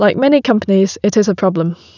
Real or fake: real